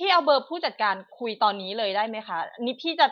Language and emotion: Thai, frustrated